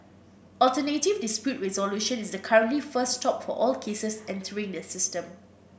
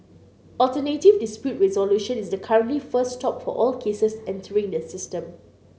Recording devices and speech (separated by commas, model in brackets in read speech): boundary microphone (BM630), mobile phone (Samsung C9), read sentence